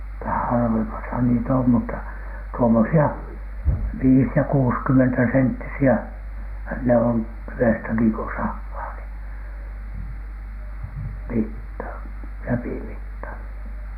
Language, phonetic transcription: Finnish, tä- , 'harvemasa ni"t ‿om mutta , tuomosi₍a , "viis ja "kuuskymmentäsenttisi₍ä , ne on "tyʷestäki ko 'sahhaa ni , 'mitta , "läpimitta .
- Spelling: - harvemmassa niitä on mutta tuommoisia viisi ja kuusikymmentäsenttisiä ne on tyvestäkin kun sahaa niin mitta läpimitta

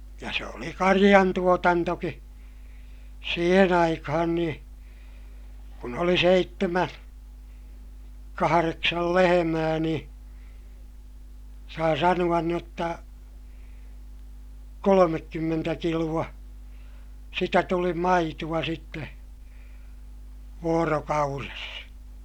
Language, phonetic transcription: Finnish, ja se oli kariʲantuotantoki , siihen ‿aikahan nii , kun ‿oli seittemä , kahareksal lehemää nii , saa sanu₍an n ‿otta , kolomekkymmentä kilu₍a , sitä tuli maitu₍a sitte , voorokaures .
- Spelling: ja se oli karjantuotantokin siihen aikaan niin kun oli seitsemän kahdeksan lehmää niin saa sanoa - jotta kolmekymmentä kiloa sitä tuli maitoa sitten vuorokaudessa

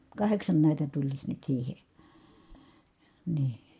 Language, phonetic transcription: Finnish, kaheksan nä̀itä tuliś nyt siihe , nii .
- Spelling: kahdeksan näitä tulisi nyt siihen niin

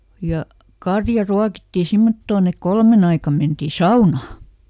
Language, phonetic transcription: Finnish, ja , ˈkarja ˈruakitti ˈsimmottoon ‿ek "kolmen ‿aikam mentì "saunaa .
- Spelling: ja karja ruokittiin semmottoon että kolmen aikaan mentiin saunaan

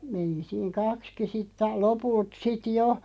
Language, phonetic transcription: Finnish, 'meni 'siiŋ "kakski sitt ‿ai- , "lopult 'sit "jo .
- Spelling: meni siinä kaksikin sitten - lopulta sitten jo

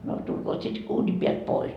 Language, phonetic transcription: Finnish, no 'tulkoot sit 'uuni piält "pois .
- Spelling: no tulkoot sitten uunin päältä pois

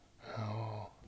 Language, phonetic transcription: Finnish, hj̭ə̂ə̂ .
- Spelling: joo

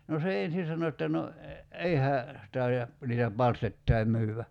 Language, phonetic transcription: Finnish, no se 'en̬sin̬ sano että » no , "ei hää , 'tai₍a , niitä "palstettai myyvvä « .
- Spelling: no se ensin sanoi että no ei hän taida niitä palstoittain myydä

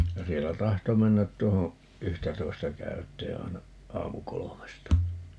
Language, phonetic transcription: Finnish, ja 'siellä 'tahto 'mennät 'tuoho , "yhtätoi̮sta 'käyt̀ee 'ai̮na , 'aamu"kolomesta .
- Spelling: ja siellä tahtoi mennä tuohon yhtätoista käyteen aina aamukolmesta

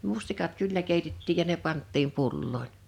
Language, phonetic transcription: Finnish, 'mustikat "kyllä 'kèitettiij ja ne 'panttiim 'pullòin .
- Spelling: mustikat kyllä keitettiin ja ne pantiin pulloihin

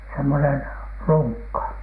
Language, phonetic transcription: Finnish, semmonen , "luŋkka .
- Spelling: semmoinen lunkka

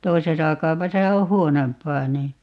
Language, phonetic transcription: Finnish, "toisesa 'kaupasa o "huonomp̀aa nii .
- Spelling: toisessa kaupassa on huonompaa niin

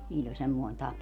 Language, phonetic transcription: Finnish, niiĺĺ ‿oĺ 'semmoin 'tapa .
- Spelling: niillä oli semmoinen tapa

